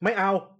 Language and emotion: Thai, angry